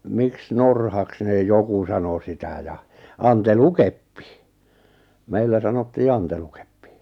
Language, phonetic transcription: Finnish, 'miks "norhaks nè 'joku sano 'sitä ja , "an-te'lukeppi , 'meillä sanottii 'antelukeppɪ .
- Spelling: miksi norhaksi ne joku sanoi sitä ja antelukeppi meillä sanottiin antelukeppi

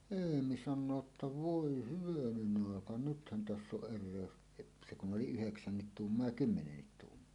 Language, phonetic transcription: Finnish, 'eemi 'sannoo ‿tta » "voi 'hyvänen ‿àeka "nythän 'täss ‿oˀ 'ˀer̆rèös , et- « , se kun 'oli "yheksännit "tuummoa ja "kymmenennit 'tuummoa .
- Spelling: Eemi sanoo että voi hyvänen aika nythän tässä on erehdys - se kun oli yhdeksän tuumaa ja kymmenen tuumaa

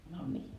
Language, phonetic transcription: Finnish, no nii .
- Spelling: no niin

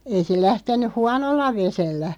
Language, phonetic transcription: Finnish, ei se 'lähten̆nyʰ "huanolla 'vesellä .
- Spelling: ei se lähtenyt huonolla vedellä

